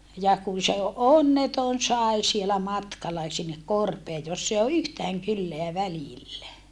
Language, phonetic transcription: Finnish, ja kun̬ se onneton sài̮ sielä matkala sinnek korpee joss ‿e o yhtääŋ kylleä välillä .
- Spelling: ja kun se onneton sai siellä matkalla sinne korpeen jossa ei ole yhtään kylää välillä

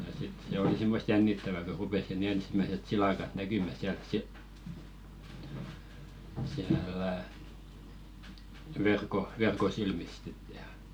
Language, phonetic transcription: Finnish, ja sit se 'oli simmost "jännittävä ko rupes si"n ‿ensⁱmäset 'silàkat 'näkymä siält si- , siä̳ä̳§lä̀ , verko , "verko silmist 'sit jà .
- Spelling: ja sitten se oli semmoista jännittävää kun rupesi sinne ensimmäiset silakat näkymään sieltä - siellä verkon verkon silmistä sitten ja

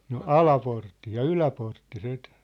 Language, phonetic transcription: Finnish, no "Alaportti ja "Yläportti (sit) ,.
- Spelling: no Alaportti ja Yläportti sitten

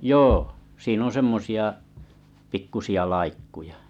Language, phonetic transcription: Finnish, joo , 'siinon 'semmosi₍a , 'pikkusi₍a laikkuja .
- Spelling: joo siinä on semmoisia pikkuisia laikkuja

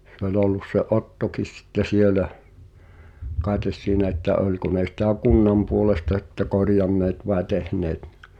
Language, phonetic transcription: Finnish, se ‿oĺ ‿ollus se "’Ottokis sitte 'sielä , kaetes siinä että 'oĺko ne sitä̀ "kunnam puolesta sⁱtte 'korjanneet vae 'tehneet (ɴɪ) .
- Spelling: se oli ollut se Ottokin sitten siellä kai siinä että oliko ne sitä kunnan puolesta sitten korjanneet vai tehneet niin

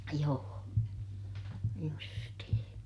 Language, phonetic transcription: Finnish, joo , justihiḭ .
- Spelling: joo justiin

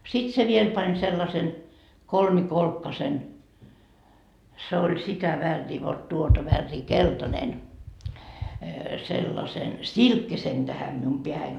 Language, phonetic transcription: Finnish, sit se 'viel pań sellasen , "kolmi'kolkkasen , se oĺ 'sitä värrii vot 'tuota värrii "kelta'nen , sellasen , "silkkisen tähäm mium 'peähäin .
- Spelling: sitten se vielä pani sellaisen kolmikolkkaisen se oli sitä väriä vot tuota väriä keltainen sellaisen silkkisen tähän minun päähäni

